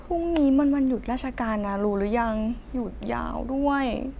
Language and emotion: Thai, frustrated